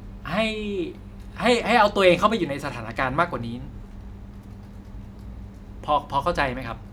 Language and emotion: Thai, neutral